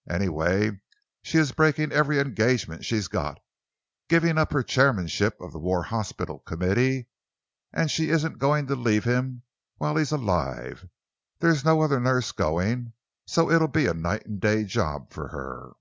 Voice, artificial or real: real